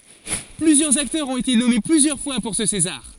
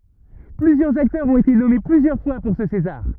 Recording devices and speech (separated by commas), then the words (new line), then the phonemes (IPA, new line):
forehead accelerometer, rigid in-ear microphone, read sentence
Plusieurs acteurs ont été nommés plusieurs fois pour ce César.
plyzjœʁz aktœʁz ɔ̃t ete nɔme plyzjœʁ fwa puʁ sə sezaʁ